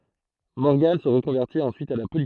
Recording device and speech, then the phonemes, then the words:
throat microphone, read sentence
mɔʁɡɑ̃ sə ʁəkɔ̃vɛʁtit ɑ̃syit a la politik
Morgan se reconvertit ensuite à la politique.

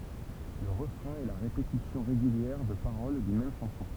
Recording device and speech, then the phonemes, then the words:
temple vibration pickup, read sentence
lə ʁəfʁɛ̃ ɛ la ʁepetisjɔ̃ ʁeɡyljɛʁ də paʁol dyn mɛm ʃɑ̃sɔ̃
Le refrain est la répétition régulière de paroles d’une même chanson.

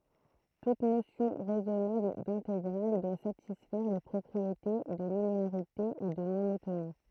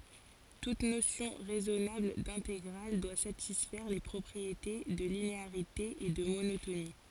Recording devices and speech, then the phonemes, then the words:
throat microphone, forehead accelerometer, read sentence
tut nosjɔ̃ ʁɛzɔnabl dɛ̃teɡʁal dwa satisfɛʁ le pʁɔpʁiete də lineaʁite e də monotoni
Toute notion raisonnable d'intégrale doit satisfaire les propriétés de linéarité et de monotonie.

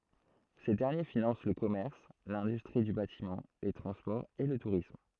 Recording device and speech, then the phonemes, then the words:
throat microphone, read sentence
se dɛʁnje finɑ̃s lə kɔmɛʁs lɛ̃dystʁi dy batimɑ̃ le tʁɑ̃spɔʁz e lə tuʁism
Ces derniers financent le commerce, l'industrie du bâtiment, les transports et le tourisme.

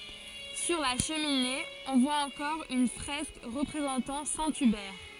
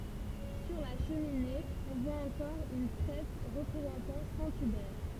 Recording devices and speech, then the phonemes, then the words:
forehead accelerometer, temple vibration pickup, read sentence
syʁ la ʃəmine ɔ̃ vwa ɑ̃kɔʁ yn fʁɛsk ʁəpʁezɑ̃tɑ̃ sɛ̃ ybɛʁ
Sur la cheminée, on voit encore une fresque représentant saint Hubert.

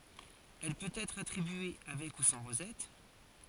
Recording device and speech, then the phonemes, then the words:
forehead accelerometer, read sentence
ɛl pøt ɛtʁ atʁibye avɛk u sɑ̃ ʁozɛt
Elle peut être attribué avec ou sans rosette.

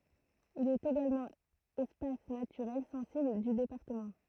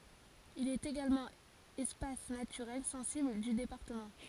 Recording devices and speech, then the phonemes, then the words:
throat microphone, forehead accelerometer, read sentence
il ɛt eɡalmɑ̃ ɛspas natyʁɛl sɑ̃sibl dy depaʁtəmɑ̃
Il est également espace naturel sensible du département.

